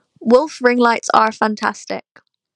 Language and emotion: English, neutral